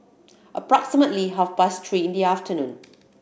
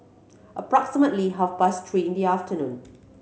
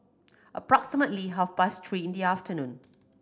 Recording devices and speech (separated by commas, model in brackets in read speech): boundary microphone (BM630), mobile phone (Samsung C7100), close-talking microphone (WH30), read sentence